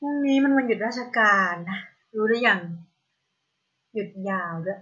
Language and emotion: Thai, frustrated